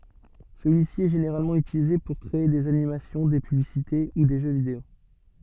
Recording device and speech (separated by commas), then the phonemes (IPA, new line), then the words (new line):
soft in-ear microphone, read sentence
səlyisi ɛ ʒeneʁalmɑ̃ ytilize puʁ kʁee dez animasjɔ̃ de pyblisite u de ʒø video
Celui-ci est généralement utilisé pour créer des animations, des publicités ou des jeux vidéo.